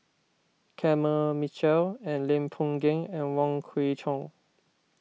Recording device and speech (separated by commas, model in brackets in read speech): mobile phone (iPhone 6), read sentence